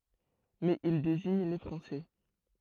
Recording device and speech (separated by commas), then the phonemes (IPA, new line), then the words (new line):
throat microphone, read sentence
mɛz il deziɲ le fʁɑ̃sɛ
Mais il désigne les Français.